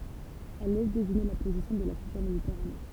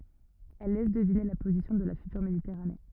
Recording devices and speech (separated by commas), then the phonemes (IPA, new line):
temple vibration pickup, rigid in-ear microphone, read sentence
ɛl lɛs dəvine la pozisjɔ̃ də la fytyʁ meditɛʁane